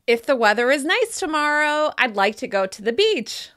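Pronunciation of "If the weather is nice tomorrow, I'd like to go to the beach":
The sentence is said with steeper rises in pitch, which makes the speaker sound excited or enthusiastic.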